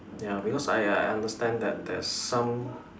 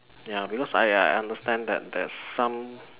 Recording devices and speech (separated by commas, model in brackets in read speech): standing microphone, telephone, conversation in separate rooms